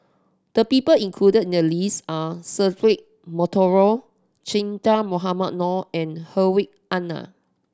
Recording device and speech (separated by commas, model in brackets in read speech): standing microphone (AKG C214), read sentence